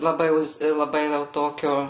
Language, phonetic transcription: Lithuanian, laˈbai ˈjau ˈjis laˈbai ˈvel ˈtokio

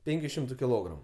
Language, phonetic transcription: Lithuanian, ˈpenkiu ˈšimtu kiˈlogramu

